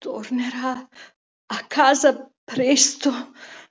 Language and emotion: Italian, fearful